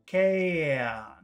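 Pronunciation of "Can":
'Can' is said long here, not in the very short form it takes in conversation.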